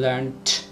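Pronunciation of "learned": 'Learned' is pronounced the British English way here.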